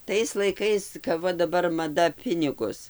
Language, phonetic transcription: Lithuanian, ˈtais laiˈkais kap ˈva daˈbar maˈda ˈpinigus

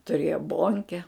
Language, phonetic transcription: Lithuanian, tuˈrėjo ˈbonke

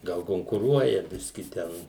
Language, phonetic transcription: Lithuanian, ˈgal konkuˈruoja ˈbiski ˈten

